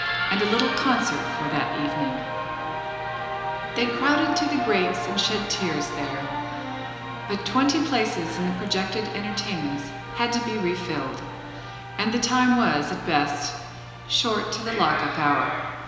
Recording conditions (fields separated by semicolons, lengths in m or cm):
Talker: one person; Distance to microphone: 1.7 m; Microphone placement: close; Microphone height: 1.0 m; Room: very reverberant, large; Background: television